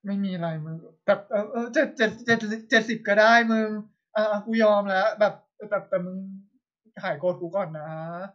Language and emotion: Thai, frustrated